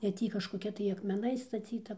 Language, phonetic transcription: Lithuanian, e ˈtį kažkoˈkia tai akmeˈnais staˈcyta

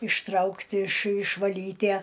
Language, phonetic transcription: Lithuanian, išˈtraukt' iš išvaˈlytæ

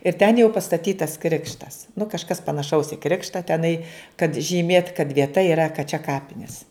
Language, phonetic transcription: Lithuanian, ir ten jau pastaˈtytas ˈkrikštas nu kažˈkas panaˈšaus i ˈkrikštą teˈnai kad žyˈmėt kad vieˈta yˈra kad čia ˈkapinies

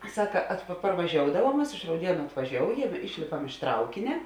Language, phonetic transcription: Lithuanian, ˈsaka at pa parvaˈžioudavuom ˈmas iš rauˈdienu atvaˈžioujem ˈišlėpam iš ˈtraukine

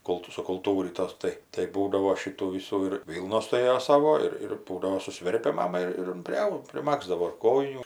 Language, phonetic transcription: Lithuanian, ˈkultu sukulˈtūrytos ˈtai tai ˈbūdavo ˈšitų ˈvisų ir ˈvylnos tuˈrėjo ˈsavo ˈir ir ˈbūdavo suˈsverpia ˈmama ir ˈjin priˈau priˈmagzdavo ir ˈkojinių

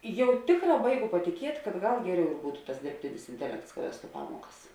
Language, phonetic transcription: Lithuanian, ˈjau ˈtėkˌrā ˈbaiˌgu patiˈkiet' kad ˈgal ˈgeˌriau ir ˈbūtu tas dirbˈtinis inteˈlekts ka ˈvestu ˈpamuokas

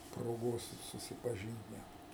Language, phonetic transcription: Lithuanian, proˈgos susipaˈžynt ˈnæt

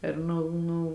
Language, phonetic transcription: Lithuanian, ir ˈnu ˈnu

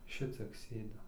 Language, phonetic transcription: Lithuanian, ˈšiciek ˈsėdim

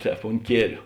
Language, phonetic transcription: Lithuanian, ˈtēp unt ˈkieliu

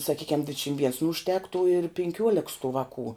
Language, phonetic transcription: Lithuanian, saˈkykiam ˈdvidšim viens nu užˈtektų ir pinˈkiuoleks tų ˈvakų

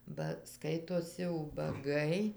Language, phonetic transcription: Lithuanian, ba ˈskaitosi ubaˈgai

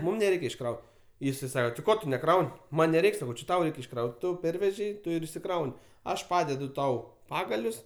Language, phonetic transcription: Lithuanian, ˈmum neˈreikia išˈkraut ˈjisai ˈsako ti ˈko tu neˈkraun' ˈman' neˈreik' saˈkau či ˈtau ˈreik' išˈkraut' ˈtu ˈpervežei ˈtu ir išsiˈkraun' ˈaš ˈpadedu ˈtau ˈpagalius

